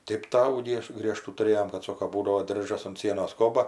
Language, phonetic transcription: Lithuanian, ˈtėp ˈtavų ˈgieš ˈgriežtų tuˈrėjom kad ˈsoko ˈbūdavo ˈdiržas unt ˈsienos ˈkoba

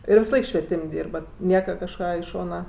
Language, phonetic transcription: Lithuanian, ir visaˈlaik švieˈtim' ˈdyrbat ˈnieka kažˈką i ˈšona

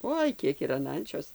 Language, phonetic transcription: Lithuanian, ˈoi ˈkiek ir an ˈančios

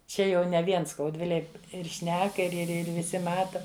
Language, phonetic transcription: Lithuanian, ˈčia jau ne ˈvien skaudˈvilėj ir ˈšneka ir ir ˈir viˈsi ˈmata

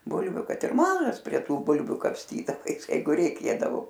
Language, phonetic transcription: Lithuanian, ˈbulviu ˈkad ir ˈmažas prie ˈtų ˈbulviu kapˈstydavais ˈjeigu reiˈkėdavo

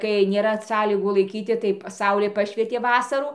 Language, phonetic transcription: Lithuanian, kai nėˈra ˈsąlygų laiˈkyti tai ˈsaulė ˈpašvietė ˈvasarų

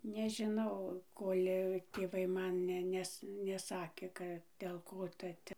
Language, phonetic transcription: Lithuanian, nežiˈnau ˈkol' tėˈvai ˈman ˈne ˈnes neˈsakė ˈka ˈdėl ˈko ˈta ˈte

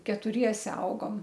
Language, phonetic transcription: Lithuanian, ketuˈriese ˈaugom

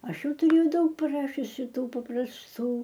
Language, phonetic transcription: Lithuanian, ˈaš ˈjau tuˈrėjau ˈdaug priˈrašiusi ˈtų paprasˈtų

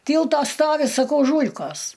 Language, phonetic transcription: Lithuanian, ˈtylto ˈstovi saˈkau ˈžūl'kos

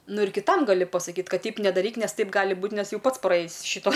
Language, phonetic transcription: Lithuanian, ˈnu ir kiˈtam gaˈli pasaˈkyt ˈkad ˈteip nedaˈryk ˈnes ˈtaip ˈgali ˈbūt ˈnes ˈjau ˈpats praˈėjis ˈšito

